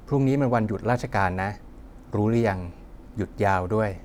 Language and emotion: Thai, neutral